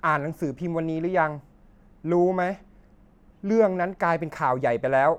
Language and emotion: Thai, frustrated